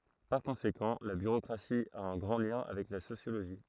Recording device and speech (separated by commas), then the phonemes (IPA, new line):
throat microphone, read sentence
paʁ kɔ̃sekɑ̃ la byʁokʁasi a œ̃ ɡʁɑ̃ ljɛ̃ avɛk la sosjoloʒi